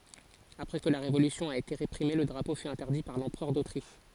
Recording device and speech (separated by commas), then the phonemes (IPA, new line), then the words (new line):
forehead accelerometer, read sentence
apʁɛ kə la ʁevolysjɔ̃ a ete ʁepʁime lə dʁapo fy ɛ̃tɛʁdi paʁ lɑ̃pʁœʁ dotʁiʃ
Après que la révolution a été réprimée, le drapeau fut interdit par l'Empereur d'Autriche.